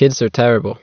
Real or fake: real